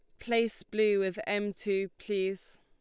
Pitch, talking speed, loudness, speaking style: 205 Hz, 150 wpm, -31 LUFS, Lombard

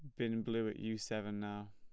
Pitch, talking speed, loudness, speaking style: 110 Hz, 235 wpm, -40 LUFS, plain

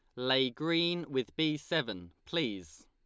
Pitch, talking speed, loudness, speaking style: 130 Hz, 135 wpm, -32 LUFS, Lombard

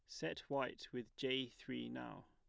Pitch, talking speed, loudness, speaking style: 125 Hz, 175 wpm, -45 LUFS, plain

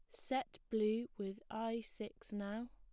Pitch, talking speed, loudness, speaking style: 220 Hz, 145 wpm, -42 LUFS, plain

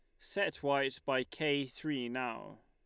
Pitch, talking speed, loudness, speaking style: 140 Hz, 145 wpm, -35 LUFS, Lombard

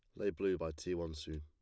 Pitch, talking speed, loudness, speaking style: 80 Hz, 300 wpm, -40 LUFS, plain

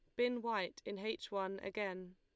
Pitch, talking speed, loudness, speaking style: 200 Hz, 185 wpm, -41 LUFS, Lombard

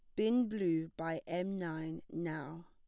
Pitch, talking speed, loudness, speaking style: 165 Hz, 145 wpm, -37 LUFS, plain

